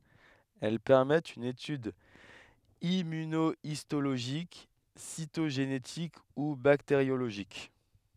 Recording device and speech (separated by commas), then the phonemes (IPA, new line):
headset microphone, read sentence
ɛl pɛʁmɛtt yn etyd immynoistoloʒik sitoʒenetik u bakteʁjoloʒik